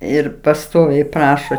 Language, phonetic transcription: Lithuanian, ˈir paˈstoviai ˈprašo

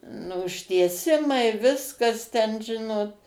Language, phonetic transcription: Lithuanian, nu užtieˈsimai ˈviskas ten ˈžinot

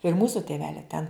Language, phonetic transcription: Lithuanian, ir ˈmūsu tėˈvele ten

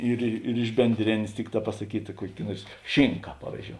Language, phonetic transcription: Lithuanian, ˈyr i ir iš benˈdrėnės ˈtikˌtā pasaˈkyta ˈkuok' ˈnuors ˈšinka ˈpavyzˌdžiou

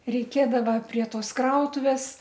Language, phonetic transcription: Lithuanian, reiˈkėdava prie ˈtos ˈkrautuvės

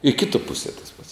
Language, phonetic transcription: Lithuanian, i ˈkituo ˈpusie tas pats

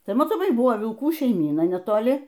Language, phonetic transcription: Lithuanian, ˈtai matoˈmai ˈbuvo vilˈkų šeiˈmyna netoˈli

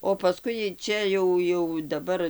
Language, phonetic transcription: Lithuanian, o paˈskui ˈčia jau jau daˈbar

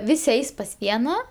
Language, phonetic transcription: Lithuanian, ˈvisi ˈeis pas ˈviena

